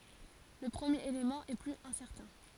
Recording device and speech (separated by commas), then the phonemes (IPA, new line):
forehead accelerometer, read sentence
lə pʁəmjeʁ elemɑ̃ ɛ plyz ɛ̃sɛʁtɛ̃